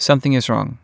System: none